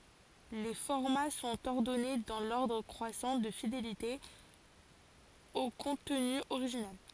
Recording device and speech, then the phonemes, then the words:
forehead accelerometer, read sentence
le fɔʁma sɔ̃t ɔʁdɔne dɑ̃ lɔʁdʁ kʁwasɑ̃ də fidelite o kɔ̃tny oʁiʒinal
Les formats sont ordonnés dans l'ordre croissant de fidélité au contenu original.

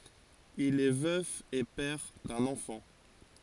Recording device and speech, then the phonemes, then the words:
forehead accelerometer, read sentence
il ɛ vœf e pɛʁ dœ̃n ɑ̃fɑ̃
Il est veuf et père d'un enfant.

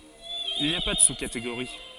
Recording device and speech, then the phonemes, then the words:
forehead accelerometer, read sentence
il ni a pa də suskateɡoʁi
Il n’y a pas de sous-catégorie.

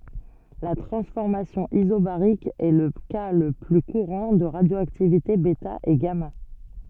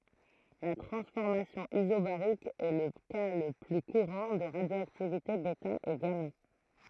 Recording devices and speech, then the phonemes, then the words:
soft in-ear microphone, throat microphone, read sentence
la tʁɑ̃sfɔʁmasjɔ̃ izobaʁik ɛ lə ka lə ply kuʁɑ̃ də ʁadjoaktivite bɛta e ɡama
La transformation isobarique est le cas le plus courant de radioactivité bêta et gamma.

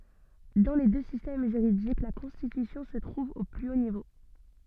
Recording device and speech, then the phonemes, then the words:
soft in-ear microphone, read sentence
dɑ̃ le dø sistɛm ʒyʁidik la kɔ̃stitysjɔ̃ sə tʁuv o ply o nivo
Dans les deux systèmes juridiques, la Constitution se trouve au plus haut niveau.

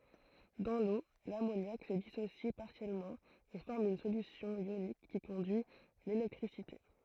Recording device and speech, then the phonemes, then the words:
throat microphone, read sentence
dɑ̃ lo lamonjak sə disosi paʁsjɛlmɑ̃ e fɔʁm yn solysjɔ̃ jonik ki kɔ̃dyi lelɛktʁisite
Dans l'eau, l'ammoniac se dissocie partiellement et forme une solution ionique qui conduit l'électricité.

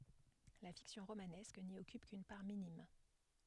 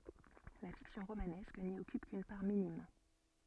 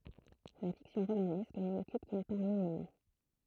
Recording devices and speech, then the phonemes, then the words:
headset microphone, soft in-ear microphone, throat microphone, read sentence
la fiksjɔ̃ ʁomanɛsk ni ɔkyp kyn paʁ minim
La fiction romanesque n’y occupe qu’une part minime.

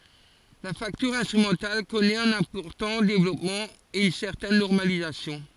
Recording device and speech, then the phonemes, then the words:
forehead accelerometer, read sentence
la faktyʁ ɛ̃stʁymɑ̃tal kɔnɛt œ̃n ɛ̃pɔʁtɑ̃ devlɔpmɑ̃ e yn sɛʁtɛn nɔʁmalizasjɔ̃
La facture instrumentale connaît un important développement et une certaine normalisation.

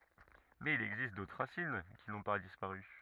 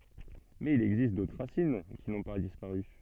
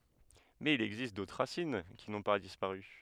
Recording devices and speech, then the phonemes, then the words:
rigid in-ear microphone, soft in-ear microphone, headset microphone, read sentence
mɛz il ɛɡzist dotʁ ʁasin ki nɔ̃ pa dispaʁy
Mais il existe d'autres racines qui n'ont pas disparu.

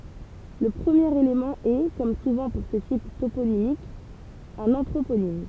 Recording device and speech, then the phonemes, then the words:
temple vibration pickup, read sentence
lə pʁəmjeʁ elemɑ̃ ɛ kɔm suvɑ̃ puʁ sə tip toponimik œ̃n ɑ̃tʁoponim
Le premier élément est, comme souvent pour ce type toponymique, un anthroponyme.

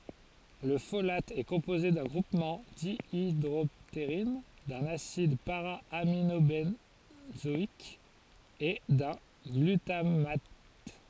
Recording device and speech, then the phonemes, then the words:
forehead accelerometer, read sentence
lə folat ɛ kɔ̃poze dœ̃ ɡʁupmɑ̃ djidʁɔpteʁin dœ̃n asid paʁaaminobɑ̃zɔik e dœ̃ ɡlytamat
Le folate est composé d'un groupement dihydroptérine, d'un acide para-aminobenzoïque et d'un glutamate.

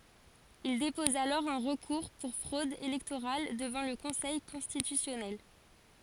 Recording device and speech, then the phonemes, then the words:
forehead accelerometer, read sentence
il depɔz alɔʁ œ̃ ʁəkuʁ puʁ fʁod elɛktoʁal dəvɑ̃ lə kɔ̃sɛj kɔ̃stitysjɔnɛl
Il dépose alors un recours pour fraude électorale devant le conseil constitutionnel.

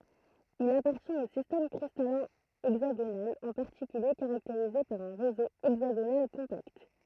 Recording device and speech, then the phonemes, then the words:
throat microphone, read sentence
il apaʁtjɛ̃t o sistɛm kʁistalɛ̃ ɛɡzaɡonal ɑ̃ paʁtikylje kaʁakteʁize paʁ œ̃ ʁezo ɛɡzaɡonal kɔ̃pakt
Il appartient au système cristallin hexagonal, en particulier caractérisé par un réseau hexagonal compact.

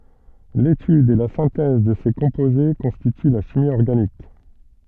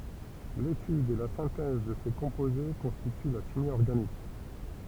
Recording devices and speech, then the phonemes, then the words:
soft in-ear microphone, temple vibration pickup, read sentence
letyd e la sɛ̃tɛz də se kɔ̃poze kɔ̃stity la ʃimi ɔʁɡanik
L'étude et la synthèse de ces composés constituent la chimie organique.

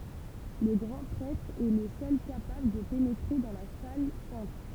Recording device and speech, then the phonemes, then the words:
temple vibration pickup, read sentence
lə ɡʁɑ̃ pʁɛtʁ ɛ lə sœl kapabl də penetʁe dɑ̃ la sal sɛ̃t
Le grand prêtre est le seul capable de pénétrer dans la salle sainte.

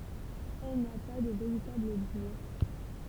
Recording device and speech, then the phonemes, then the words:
temple vibration pickup, read sentence
ɛl na pa də veʁitabl buʁ
Elle n'a pas de véritable bourg.

